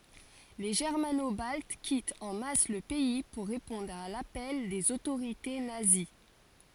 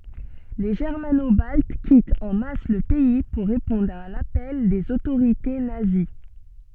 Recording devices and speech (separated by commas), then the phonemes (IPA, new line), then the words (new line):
forehead accelerometer, soft in-ear microphone, read sentence
le ʒɛʁmano balt kitt ɑ̃ mas lə pɛi puʁ ʁepɔ̃dʁ a lapɛl dez otoʁite nazi
Les Germano-Baltes quittent en masse le pays pour répondre à l'appel des autorités nazies.